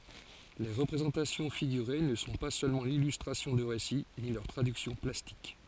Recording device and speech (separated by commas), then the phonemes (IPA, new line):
forehead accelerometer, read sentence
le ʁəpʁezɑ̃tasjɔ̃ fiɡyʁe nə sɔ̃ pa sølmɑ̃ lilystʁasjɔ̃ də ʁesi ni lœʁ tʁadyksjɔ̃ plastik